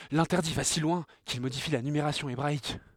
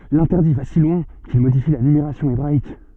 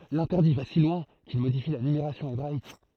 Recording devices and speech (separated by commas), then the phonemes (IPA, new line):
headset microphone, soft in-ear microphone, throat microphone, read sentence
lɛ̃tɛʁdi va si lwɛ̃ kil modifi la nymeʁasjɔ̃ ebʁaik